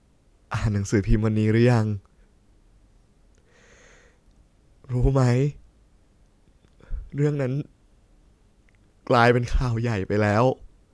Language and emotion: Thai, sad